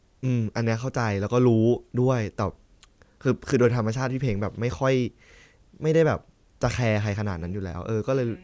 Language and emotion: Thai, frustrated